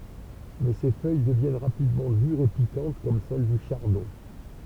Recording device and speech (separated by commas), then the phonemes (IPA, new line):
temple vibration pickup, read sentence
mɛ se fœj dəvjɛn ʁapidmɑ̃ dyʁz e pikɑ̃t kɔm sɛl dy ʃaʁdɔ̃